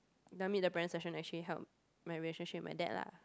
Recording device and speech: close-talking microphone, conversation in the same room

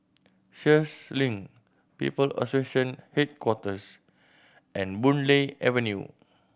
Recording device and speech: boundary microphone (BM630), read sentence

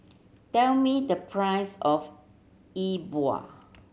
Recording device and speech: mobile phone (Samsung C7100), read sentence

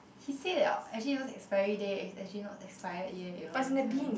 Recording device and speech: boundary microphone, conversation in the same room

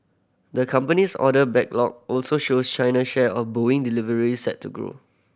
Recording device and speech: boundary microphone (BM630), read sentence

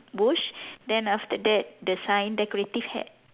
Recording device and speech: telephone, conversation in separate rooms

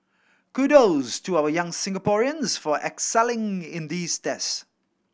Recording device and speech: boundary microphone (BM630), read sentence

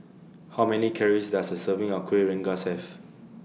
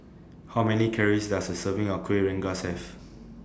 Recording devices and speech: mobile phone (iPhone 6), standing microphone (AKG C214), read sentence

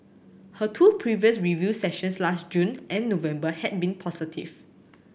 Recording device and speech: boundary microphone (BM630), read sentence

